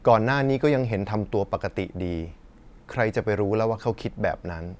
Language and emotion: Thai, neutral